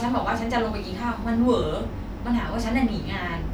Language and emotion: Thai, frustrated